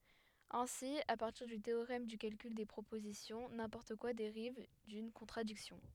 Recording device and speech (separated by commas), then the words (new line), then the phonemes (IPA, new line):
headset microphone, read sentence
Ainsi à partir du théorème du calcul des propositions, n'importe quoi dérive d'une contradiction.
ɛ̃si a paʁtiʁ dy teoʁɛm dy kalkyl de pʁopozisjɔ̃ nɛ̃pɔʁt kwa deʁiv dyn kɔ̃tʁadiksjɔ̃